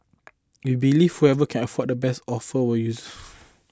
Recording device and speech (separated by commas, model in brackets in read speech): close-talking microphone (WH20), read sentence